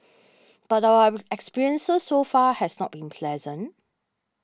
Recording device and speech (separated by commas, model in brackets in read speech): standing microphone (AKG C214), read sentence